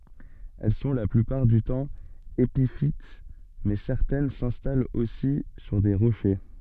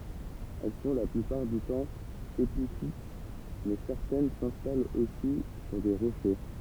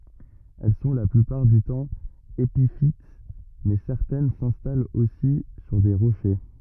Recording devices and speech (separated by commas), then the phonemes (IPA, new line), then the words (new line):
soft in-ear microphone, temple vibration pickup, rigid in-ear microphone, read sentence
ɛl sɔ̃ la plypaʁ dy tɑ̃ epifit mɛ sɛʁtɛn sɛ̃stalt osi syʁ de ʁoʃe
Elles sont, la plupart du temps, épiphytes mais certaines s'installent aussi sur des rochers.